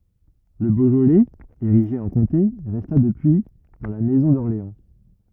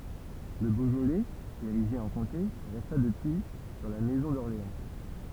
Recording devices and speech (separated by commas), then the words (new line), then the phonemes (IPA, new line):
rigid in-ear microphone, temple vibration pickup, read sentence
Le Beaujolais, érigé en comté, resta depuis dans la maison d'Orléans.
lə boʒolɛz eʁiʒe ɑ̃ kɔ̃te ʁɛsta dəpyi dɑ̃ la mɛzɔ̃ dɔʁleɑ̃